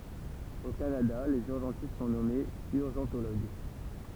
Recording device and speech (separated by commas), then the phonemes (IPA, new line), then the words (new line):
temple vibration pickup, read sentence
o kanada lez yʁʒɑ̃tist sɔ̃ nɔmez yʁʒɑ̃toloɡ
Au Canada, les urgentistes sont nommés urgentologues.